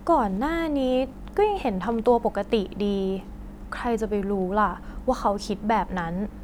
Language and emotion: Thai, neutral